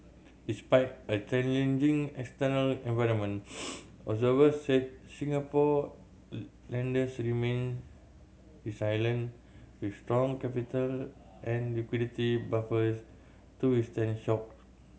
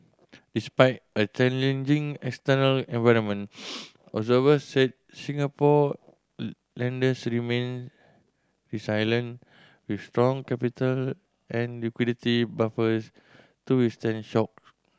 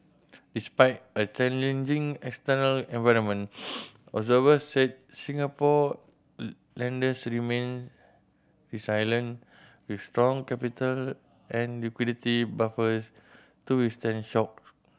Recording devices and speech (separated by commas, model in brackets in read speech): mobile phone (Samsung C7100), standing microphone (AKG C214), boundary microphone (BM630), read sentence